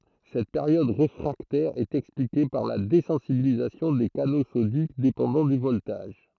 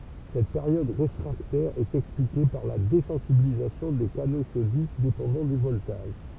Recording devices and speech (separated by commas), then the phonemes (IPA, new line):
throat microphone, temple vibration pickup, read sentence
sɛt peʁjɔd ʁefʁaktɛʁ ɛt ɛksplike paʁ la dezɑ̃sibilizasjɔ̃ de kano sodik depɑ̃dɑ̃ dy vɔltaʒ